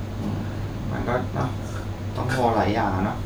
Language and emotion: Thai, frustrated